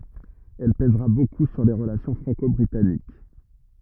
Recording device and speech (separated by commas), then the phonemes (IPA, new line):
rigid in-ear microphone, read sentence
ɛl pɛzʁa boku syʁ le ʁəlasjɔ̃ fʁɑ̃kɔbʁitanik